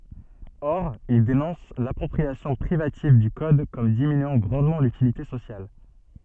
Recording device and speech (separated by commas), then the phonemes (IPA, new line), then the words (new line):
soft in-ear microphone, read sentence
ɔʁ il denɔ̃s lapʁɔpʁiasjɔ̃ pʁivativ dy kɔd kɔm diminyɑ̃ ɡʁɑ̃dmɑ̃ lytilite sosjal
Or, il dénonce l'appropriation privative du code comme diminuant grandement l'utilité sociale.